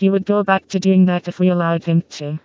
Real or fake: fake